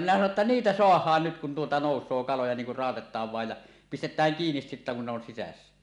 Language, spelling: Finnish, minä sanoin jotta niitä saadaan nyt kun tuota nousee kaloja niin kun raotetaan vain ja pistetään kiinni sitten kun ne on sisässä
- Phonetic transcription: minä sano ‿tta » "niitä 'soah̀aan nyt kun tuota "nòus̆soo 'kaloja niiŋ kur "ràotet̆taav vàej ja , "pistet̀ääŋ 'kiinis sittä kun ne ‿on 'sisässä « .

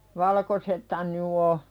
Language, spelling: Finnish, valkoisethan nyt on
- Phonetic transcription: va-lᵃkosethan 'ny o .

